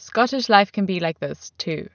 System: none